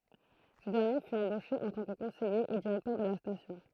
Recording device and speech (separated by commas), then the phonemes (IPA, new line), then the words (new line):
throat microphone, read sentence
sə dɛʁnje fy ɑ̃boʃe ɑ̃ tɑ̃ kə kɔ̃sɛje e diʁɛktœʁ də la stasjɔ̃
Ce dernier fut embauché en tant que conseiller et directeur de la station.